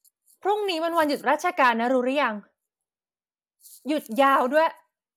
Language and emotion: Thai, angry